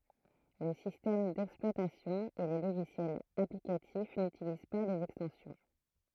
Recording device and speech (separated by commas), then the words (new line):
throat microphone, read sentence
Le système d'exploitation et les logiciels applicatifs n'utilisent pas les extensions.